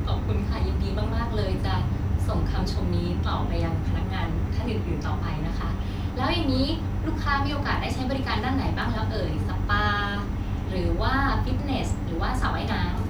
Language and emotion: Thai, happy